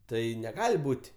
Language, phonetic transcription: Lithuanian, ˈtai neˈgali ˈbūt'

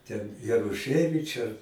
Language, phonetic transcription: Lithuanian, ten jaruˈšɜvič' ar

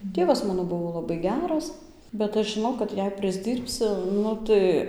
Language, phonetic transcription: Lithuanian, ˈtėvas ˈmano ˈbuvo laˈbai ˈgeras bet ˈaš žiˈnau kad ˈjei prisˈdyrbsiu ˈnu tai

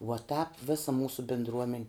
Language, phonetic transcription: Lithuanian, vuo tāp ˈvisa ˈmūsu bindˈruomen

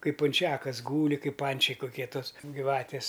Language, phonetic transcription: Lithuanian, ˈkaip punˈčiakas ˈgūli ˈkaip ˈpančiai kuˈkie ˈtos gyˈvatis

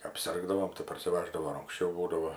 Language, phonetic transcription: Lithuanian, apˈsirgdavom tai parsiˈvaždavo ir anksˈčiau ˈbūdavo

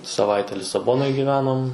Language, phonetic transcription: Lithuanian, saˈvaite lisaˈbonoj gyˈvenom

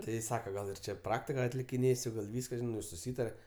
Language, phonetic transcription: Lithuanian, ˈti ˈsaka ˈgal ir ˈčia ˈpraktika atlikiˈnėsiu gal ˈvyska žiˈnai jau suˈsytare

